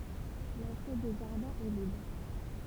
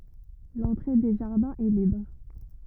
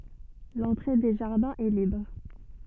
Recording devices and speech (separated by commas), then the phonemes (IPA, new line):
temple vibration pickup, rigid in-ear microphone, soft in-ear microphone, read sentence
lɑ̃tʁe de ʒaʁdɛ̃z ɛ libʁ